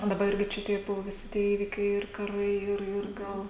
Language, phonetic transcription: Lithuanian, daˈba ˈirgi čia ˈtie ˈbuvo ˈvisi ˈįvikiai ir kaˈrai ˈir ir ˈgal

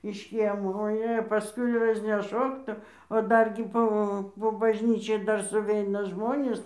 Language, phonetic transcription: Lithuanian, iš ˈkiemo oˈjė paˈskui razneˈšok tu o ˈdargi ˈpo po bažˈnyčiai ˈdar suˈveina ˈžmonės

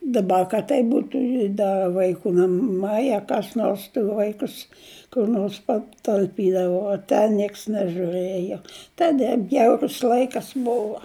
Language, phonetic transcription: Lithuanian, daˈba kad ˈtaip ˈbūtu i ˈda vaiˈkų naˈmai a kas ˈnors tai ˈvaikus kur ˈnors patalˈpydavo o ˈten ˈnieks nežūˈrɘjo ˈtade ˈbjaurus ˈlaikas ˈbova

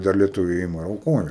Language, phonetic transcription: Lithuanian, dar lieˈtuviai ˈima ir auˈkoja

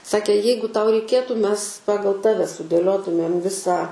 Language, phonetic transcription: Lithuanian, ˈsakė ˈjeigu ˈtau reiˈkėtų ˈmes ˈpagal ˈtave sudėˈliotumėm ˈvisą

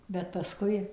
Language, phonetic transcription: Lithuanian, bet paˈskui

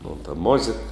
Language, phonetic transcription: Lithuanian, mon ta ˈmozėk

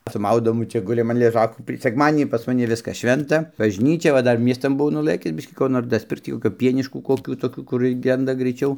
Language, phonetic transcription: Lithuanian, su ˈmaudomu ˈčia ˈgulim an leˈžakų tai sekˈmadinį pas maˈni ˈviskas ˈšventa bažˈnyčia va ˈdar ˈmiestan buˈvau nuˈlɘkis ˈbiškį ˈko nor dasˈpirkc ˈtį koˈkio ˈpieniškų koˈkių toˈkių kur ˈgenda graiˈčiau

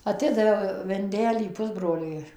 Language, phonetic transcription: Lithuanian, aˈtidaviau vinˈdelį ˈpusbroliui

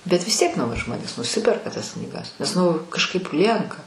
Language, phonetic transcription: Lithuanian, bet vis ˈtiek ˈnauji ˈžmonės nuˈsiperka tas knyˈgas nes ˈnu kažˈkaip ˈlienka

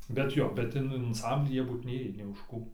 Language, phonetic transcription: Lithuanian, bet ˈjo bet ˈin anˈsamblį ˈjie ˈbūt ˈnėjį nė už ˈkų

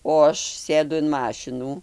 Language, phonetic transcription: Lithuanian, o ˈaš ˈsėdu in ˈmašinų

